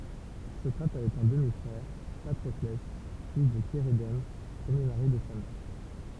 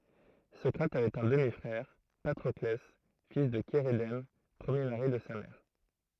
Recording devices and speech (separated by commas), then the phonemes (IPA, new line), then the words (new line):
temple vibration pickup, throat microphone, read sentence
sɔkʁat avɛt œ̃ dəmi fʁɛʁ patʁɔklɛ fil də ʃeʁedɛm pʁəmje maʁi də sa mɛʁ
Socrate avait un demi-frère, Patroclès, fils de Chérédème, premier mari de sa mère.